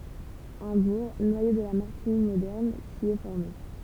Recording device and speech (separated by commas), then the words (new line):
temple vibration pickup, read sentence
Un bourg, noyau de la Martigny moderne, s'y est formé.